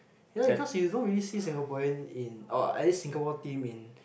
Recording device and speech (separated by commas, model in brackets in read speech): boundary microphone, conversation in the same room